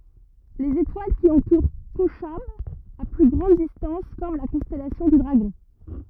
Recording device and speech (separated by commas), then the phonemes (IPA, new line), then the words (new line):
rigid in-ear microphone, read sentence
lez etwal ki ɑ̃tuʁ koʃab a ply ɡʁɑ̃d distɑ̃s fɔʁm la kɔ̃stɛlasjɔ̃ dy dʁaɡɔ̃
Les étoiles qui entourent Kochab à plus grande distance forment la constellation du Dragon.